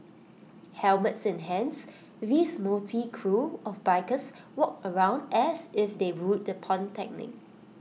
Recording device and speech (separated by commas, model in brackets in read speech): mobile phone (iPhone 6), read sentence